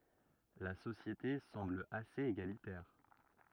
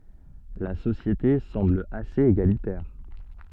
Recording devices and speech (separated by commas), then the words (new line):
rigid in-ear microphone, soft in-ear microphone, read sentence
La société semble assez égalitaire.